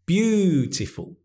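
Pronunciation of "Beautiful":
In 'beautiful', the stressed syllable is made longer.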